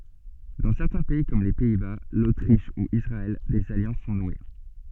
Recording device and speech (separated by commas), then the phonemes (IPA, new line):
soft in-ear microphone, read sentence
dɑ̃ sɛʁtɛ̃ pɛi kɔm le pɛi ba lotʁiʃ u isʁaɛl dez aljɑ̃s sɔ̃ nwe